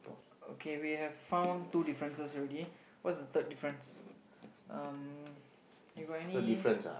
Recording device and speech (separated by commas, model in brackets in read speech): boundary microphone, conversation in the same room